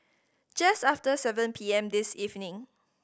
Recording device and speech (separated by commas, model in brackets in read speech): boundary microphone (BM630), read sentence